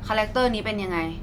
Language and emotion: Thai, neutral